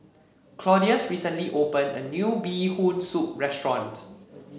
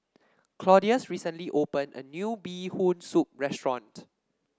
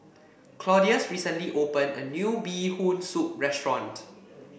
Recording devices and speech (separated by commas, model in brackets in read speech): mobile phone (Samsung C7), standing microphone (AKG C214), boundary microphone (BM630), read sentence